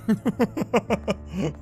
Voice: deep voice